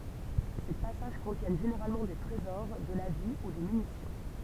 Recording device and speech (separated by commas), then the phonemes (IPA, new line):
temple vibration pickup, read sentence
se pasaʒ kɔ̃tjɛn ʒeneʁalmɑ̃ de tʁezɔʁ də la vi u de mynisjɔ̃